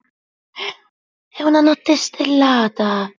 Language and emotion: Italian, surprised